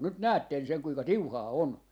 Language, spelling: Finnish, nyt näette sen kuinka tiuhaa on
- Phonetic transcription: 'nyt 'näätten sen 'kuika "tiuhaa "on .

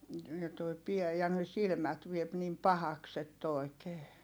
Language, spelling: Finnish, ja tuo pää ja ne silmät vie niin pahaksi että oikein
- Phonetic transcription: ja toi piä - ja ne silmät viep nim pahaks ‿ett ‿oi̮kee .

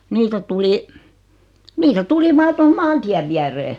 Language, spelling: Finnish, niitä tuli niitä tuli vain tuohon maantien viereen
- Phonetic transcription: 'niitä tuli , 'nitä "tuli 'vaa toho "maan-tiäv 'viäree .

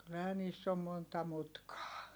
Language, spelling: Finnish, kyllähän niissä on monta mutkaa
- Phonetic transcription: kyllähä niiss ‿om monta mutkaa .

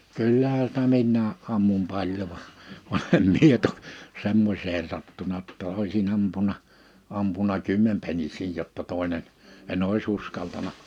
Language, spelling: Finnish, kyllähän sitä minäkin ammuin paljon vaan vaan en minä toki semmoiseen sattunut jotta olisin ampunut ampunut kymmenpennisiä jotta toinen en olisi uskaltanut
- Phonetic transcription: 'kyllähä sⁱtä 'minnää’ '’ammum 'paljo va , va em 'mie tok , 'semmośeen 'sattuna ‿tta 'òisi'n ‿ampuna , 'ampuna "kymmempennis̀iij jotta tòinen , 'en ‿òis 'uskaltana .

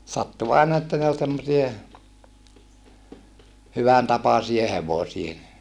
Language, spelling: Finnish, sattui aina että ne oli semmoisia hyvän tapaisia hevosia
- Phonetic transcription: sattu àena että ne ol semmosie , hyvän tapasie hevosie .

